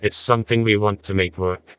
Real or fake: fake